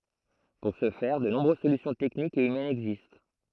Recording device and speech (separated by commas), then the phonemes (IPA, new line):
throat microphone, read sentence
puʁ sə fɛʁ də nɔ̃bʁøz solysjɔ̃ tɛknikz e ymɛnz ɛɡzist